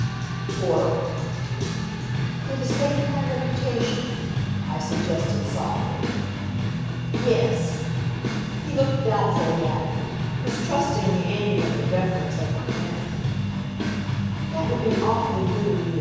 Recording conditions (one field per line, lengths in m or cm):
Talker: one person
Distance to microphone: 7.1 m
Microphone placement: far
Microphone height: 1.7 m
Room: very reverberant, large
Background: music